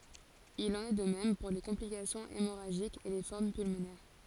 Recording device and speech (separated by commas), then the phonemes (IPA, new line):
forehead accelerometer, read sentence
il ɑ̃n ɛ də mɛm puʁ le kɔ̃plikasjɔ̃z emoʁaʒikz e le fɔʁm pylmonɛʁ